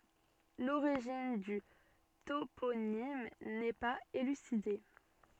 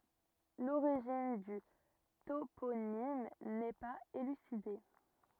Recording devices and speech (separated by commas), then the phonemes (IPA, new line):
soft in-ear microphone, rigid in-ear microphone, read sentence
loʁiʒin dy toponim nɛ paz elyside